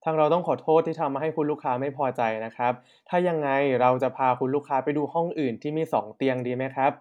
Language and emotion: Thai, neutral